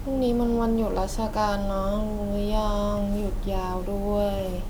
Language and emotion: Thai, frustrated